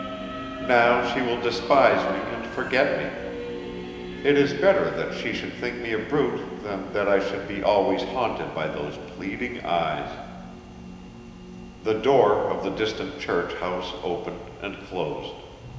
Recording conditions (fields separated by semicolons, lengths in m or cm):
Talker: one person; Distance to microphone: 1.7 m; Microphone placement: close; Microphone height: 1.0 m; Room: very reverberant, large; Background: music